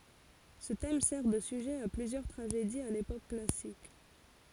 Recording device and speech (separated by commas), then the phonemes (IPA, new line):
forehead accelerometer, read sentence
sə tɛm sɛʁ də syʒɛ a plyzjœʁ tʁaʒediz a lepok klasik